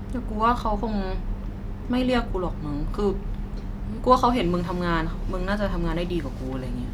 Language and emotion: Thai, frustrated